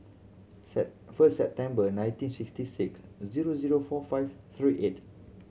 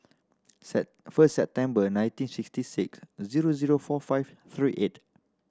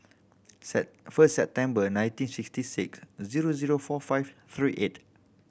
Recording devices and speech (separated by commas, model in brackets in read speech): mobile phone (Samsung C7100), standing microphone (AKG C214), boundary microphone (BM630), read sentence